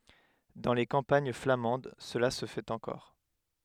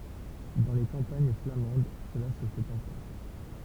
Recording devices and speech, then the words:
headset microphone, temple vibration pickup, read sentence
Dans les campagnes flamandes cela se fait encore.

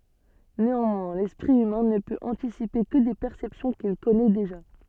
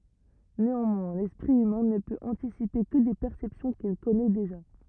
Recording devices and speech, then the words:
soft in-ear microphone, rigid in-ear microphone, read sentence
Néanmoins, l'esprit humain ne peut anticiper que des perceptions qu'il connaît déjà.

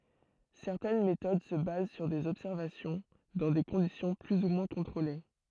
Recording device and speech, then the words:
throat microphone, read sentence
Certaines méthodes se basent sur des observations, dans des conditions plus ou moins contrôlées.

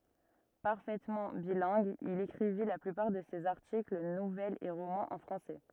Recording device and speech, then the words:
rigid in-ear microphone, read sentence
Parfaitement bilingue, il écrivit la plupart de ses articles, nouvelles et romans en français.

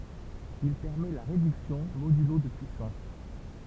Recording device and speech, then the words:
temple vibration pickup, read sentence
Il permet la réduction modulo de puissances.

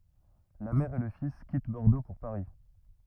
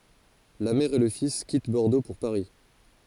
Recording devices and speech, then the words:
rigid in-ear microphone, forehead accelerometer, read sentence
La mère et le fils quittent Bordeaux pour Paris.

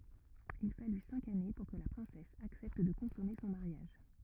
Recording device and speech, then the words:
rigid in-ear microphone, read sentence
Il fallut cinq années pour que la princesse accepte de consommer son mariage.

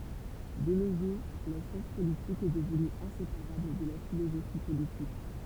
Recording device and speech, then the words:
temple vibration pickup, read sentence
De nos jours, la science politique est devenue inséparable de la philosophie politique.

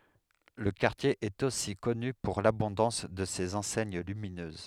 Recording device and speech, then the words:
headset microphone, read sentence
Le quartier est aussi connu pour l'abondance de ses enseignes lumineuses.

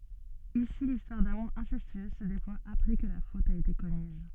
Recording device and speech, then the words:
soft in-ear microphone, read sentence
Ici l'histoire d'amour incestueuse se déploie après que la faute a été commise.

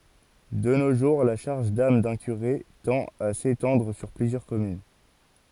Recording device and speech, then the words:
forehead accelerometer, read sentence
De nos jours, la charge d'âme d'un curé tend à s'étendre sur plusieurs communes.

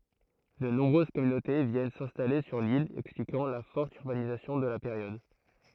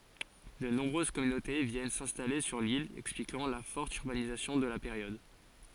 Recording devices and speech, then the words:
throat microphone, forehead accelerometer, read sentence
De nombreuses communautés viennent s’installer sur l’île, expliquant la forte urbanisation de la période.

